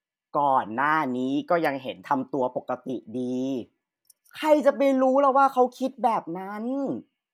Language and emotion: Thai, frustrated